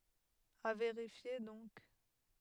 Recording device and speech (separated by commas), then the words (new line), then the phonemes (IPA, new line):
headset microphone, read sentence
À vérifier donc.
a veʁifje dɔ̃k